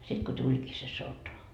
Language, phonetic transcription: Finnish, sit ko "tuĺkii se "sota .
- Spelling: sitten kun tulikin se sota

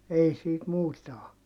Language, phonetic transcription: Finnish, ei siit muuta o .
- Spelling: ei siitä muuta ole

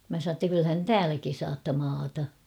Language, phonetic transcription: Finnish, mä sa ‿tta 'kylhän [tel "tääläki saatta 'maata .
- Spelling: minä sanoin jotta kyllähän te täälläkin saatte maata

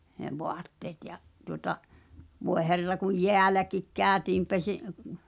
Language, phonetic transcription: Finnish, h̳e 'voatteet ja , tuŏta , voe 'herra kuj "jeäläkik 'kääᵒ̈tiim 'pese- ,.
- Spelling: ne vaatteet ja tuota voi herra kun jäälläkin käytiin -

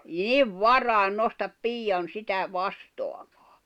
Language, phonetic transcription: Finnish, niv "varài̬n 'nostap "piijan 'sitä , 'vastoaᴍᴀᴀ !
- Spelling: niin varhain nousta piian sitä vastaamaan

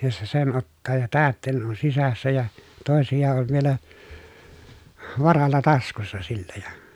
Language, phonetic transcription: Finnish, ja se sen ottaa ja täättèi̮nen on sisässä ja , tòesija ol vielä , varalla taskussa sillä ja ,.
- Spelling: ja se sen ottaa ja täytteinen on sisässä ja toisia on vielä varalla taskussa sillä ja

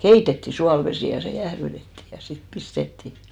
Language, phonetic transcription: Finnish, "keitetti 'sualvesì ja se 'jährytetti , ja sit 'pistetti .
- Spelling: keitettiin suolavesi ja se jäähdytettiin ja sitten pistettiin

